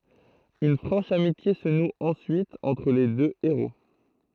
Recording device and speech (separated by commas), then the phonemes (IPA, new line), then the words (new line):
throat microphone, read sentence
yn fʁɑ̃ʃ amitje sə nu ɑ̃syit ɑ̃tʁ le dø eʁo
Une franche amitié se noue ensuite entre les deux héros.